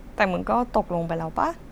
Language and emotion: Thai, frustrated